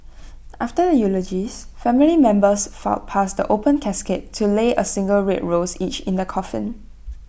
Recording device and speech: boundary microphone (BM630), read sentence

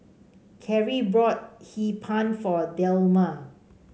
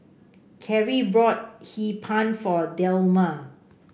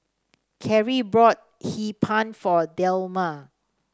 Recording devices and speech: mobile phone (Samsung C5), boundary microphone (BM630), standing microphone (AKG C214), read sentence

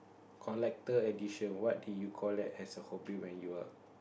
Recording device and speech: boundary microphone, conversation in the same room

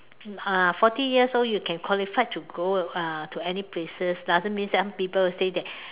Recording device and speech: telephone, conversation in separate rooms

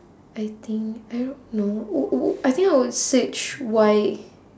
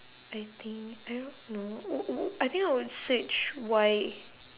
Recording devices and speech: standing microphone, telephone, conversation in separate rooms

